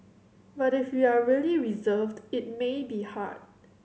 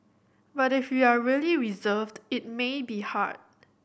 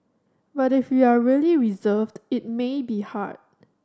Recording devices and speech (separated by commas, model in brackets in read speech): mobile phone (Samsung C7100), boundary microphone (BM630), standing microphone (AKG C214), read sentence